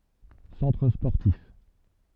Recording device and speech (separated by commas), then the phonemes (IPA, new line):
soft in-ear microphone, read sentence
sɑ̃tʁ spɔʁtif